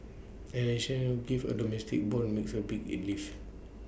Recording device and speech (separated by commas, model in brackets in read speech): boundary microphone (BM630), read sentence